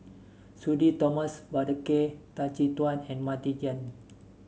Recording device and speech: mobile phone (Samsung S8), read sentence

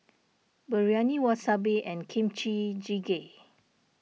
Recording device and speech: mobile phone (iPhone 6), read sentence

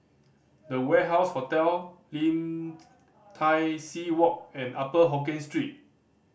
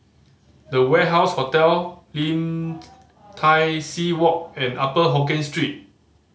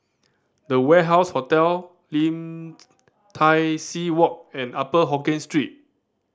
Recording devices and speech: boundary microphone (BM630), mobile phone (Samsung C5010), standing microphone (AKG C214), read sentence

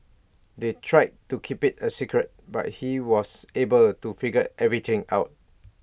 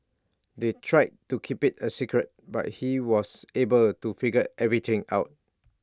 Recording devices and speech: boundary microphone (BM630), standing microphone (AKG C214), read sentence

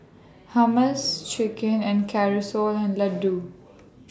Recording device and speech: standing microphone (AKG C214), read sentence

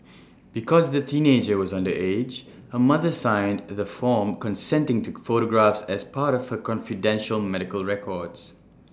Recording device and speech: standing microphone (AKG C214), read sentence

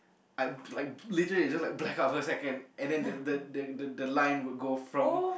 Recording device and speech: boundary microphone, conversation in the same room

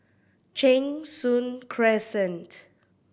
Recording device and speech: boundary microphone (BM630), read sentence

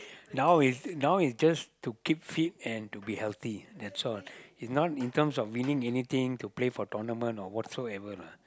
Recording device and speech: close-talking microphone, conversation in the same room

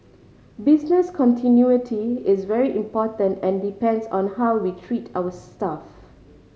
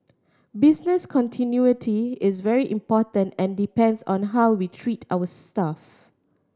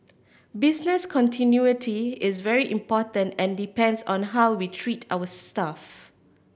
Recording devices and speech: mobile phone (Samsung C5010), standing microphone (AKG C214), boundary microphone (BM630), read sentence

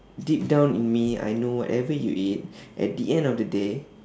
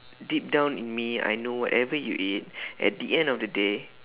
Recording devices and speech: standing microphone, telephone, conversation in separate rooms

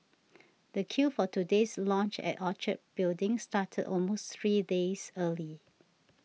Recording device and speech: mobile phone (iPhone 6), read sentence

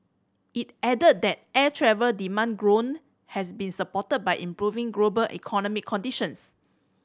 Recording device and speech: standing microphone (AKG C214), read sentence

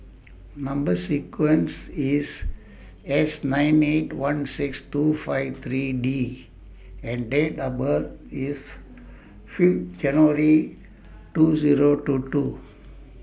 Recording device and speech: boundary microphone (BM630), read sentence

